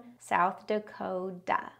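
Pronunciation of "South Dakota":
In 'South Dakota', the t in 'Dakota' sounds more like a d or a tap. The stress falls on 'South' and on 'ko', the first and third of the four syllables.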